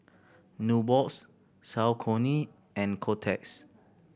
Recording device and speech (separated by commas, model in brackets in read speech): boundary microphone (BM630), read sentence